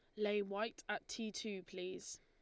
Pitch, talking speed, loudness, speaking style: 205 Hz, 180 wpm, -43 LUFS, Lombard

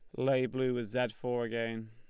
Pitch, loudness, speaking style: 120 Hz, -33 LUFS, Lombard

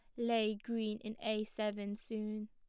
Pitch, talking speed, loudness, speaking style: 215 Hz, 160 wpm, -39 LUFS, plain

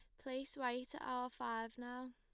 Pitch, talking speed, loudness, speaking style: 250 Hz, 190 wpm, -45 LUFS, plain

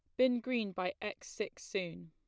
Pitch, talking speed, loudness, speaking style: 205 Hz, 190 wpm, -37 LUFS, plain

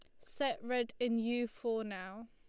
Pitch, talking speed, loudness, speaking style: 230 Hz, 175 wpm, -37 LUFS, Lombard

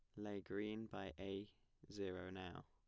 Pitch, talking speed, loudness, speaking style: 100 Hz, 145 wpm, -50 LUFS, plain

